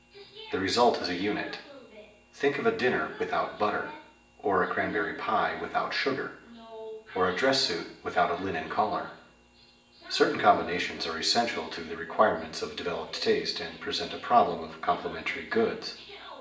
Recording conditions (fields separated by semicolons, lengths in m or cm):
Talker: one person; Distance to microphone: 1.8 m; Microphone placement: close; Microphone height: 1.0 m; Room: large; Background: television